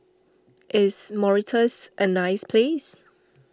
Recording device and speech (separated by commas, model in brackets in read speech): standing microphone (AKG C214), read sentence